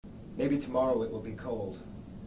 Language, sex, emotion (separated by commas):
English, male, neutral